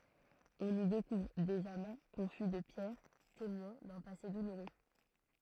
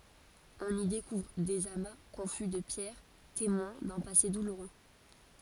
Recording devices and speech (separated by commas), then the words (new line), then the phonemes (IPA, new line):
throat microphone, forehead accelerometer, read sentence
On y découvre des amas confus de pierres, témoins d'un passé douloureux.
ɔ̃n i dekuvʁ dez ama kɔ̃fy də pjɛʁ temwɛ̃ dœ̃ pase duluʁø